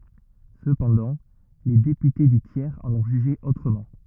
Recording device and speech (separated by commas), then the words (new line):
rigid in-ear microphone, read sentence
Cependant, les députés du tiers en ont jugé autrement.